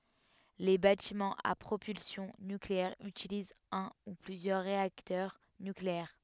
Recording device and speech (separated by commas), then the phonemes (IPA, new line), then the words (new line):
headset microphone, read sentence
le batimɑ̃z a pʁopylsjɔ̃ nykleɛʁ ytilizt œ̃ u plyzjœʁ ʁeaktœʁ nykleɛʁ
Les bâtiments à propulsion nucléaire utilisent un ou plusieurs réacteurs nucléaires.